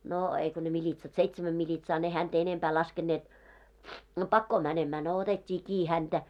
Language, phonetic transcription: Finnish, noo , eiko ne militsat 'seits-mäm miĺitsaa ne hänt ‿enempää 'laskenneet , no "pakkoo mänemää no 'otet́t́ii 'kii häntä .
- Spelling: no eikä ne militsat seitsemän militsaa ne häntä enempää laskeneet no pakoon menemään no otettiin kiinni häntä

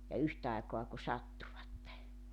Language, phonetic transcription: Finnish, ja 'yht ‿aikoa ku 'sattuvatte .
- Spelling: ja yhtä aikaa kun sattuivat

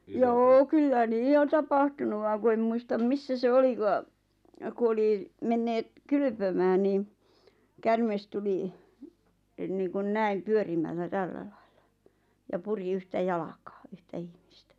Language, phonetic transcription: Finnish, joo 'kyllä "nii on tapahtunu vaaŋ ku em 'muistam "missä se 'olikaa , ku 'oli , 'menneet , 'kylʸpömää nii , 'kärmes tuli , e(n) niiŋkun "näim "pyörimällä "tällälaɪʟ̆ʟᴀ , ja 'puri 'yhtä "jalakaa , 'yhtä 'ihmistä .
- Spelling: joo kyllä niin on tapahtunut vaan kun en muista missä se olikaan kun oli menneet kylpemään niin käärme tuli - niin kuin näin pyörimällä tällä lailla ja puri yhtä jalkaa yhtä ihmistä

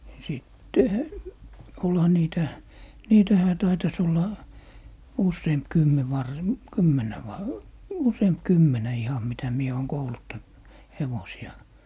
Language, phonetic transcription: Finnish, ja 'sìttehä , 'olha 'niitä , "niitähä taitas ‿olla , "usseemp 'kymme var- , "kymmenä va- , 'useemp "kymmenä 'iham mitä 'mie 'ooŋ 'kouluttant , "hevosi₍a .
- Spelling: ja sittenhän olihan niitä niitähän taitaisi olla useampi kymmenen - kymmenen - useampi kymmenen ihan mitä minä olen kouluttanut hevosia

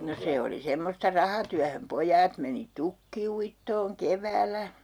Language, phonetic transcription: Finnish, no 'se oli 'semmosta "rahatyähöm 'poj̀aat meni "tukki₍uittooŋ "kevääl̀ä .
- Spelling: no se oli semmoista rahatyöhön pojat meni tukkiuittoon keväällä

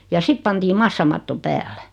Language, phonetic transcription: Finnish, ja 'sit pantii 'massamatto 'päällᴀ̈ .
- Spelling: ja sitten pantiin massamatto päälle

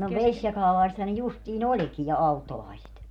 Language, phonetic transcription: Finnish, no "veśjakaalai̮setha ne 'justii"n ‿oĺki ja 'auttolaiset .
- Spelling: no vesijakaalaisethan ne justiin olikin ja auttolaiset

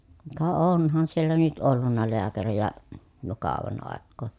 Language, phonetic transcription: Finnish, ka oǹhan siellä nyt ollunna leäkärijä , jo kàovan àekkoo .
- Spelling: ka onhan siellä nyt ollut lääkäreitä jo kauan aikaa

